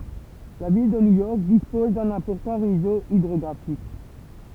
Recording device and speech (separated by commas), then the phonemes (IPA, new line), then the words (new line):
temple vibration pickup, read sentence
la vil də njujɔʁk dispɔz dœ̃n ɛ̃pɔʁtɑ̃ ʁezo idʁɔɡʁafik
La ville de New York dispose d'un important réseau hydrographique.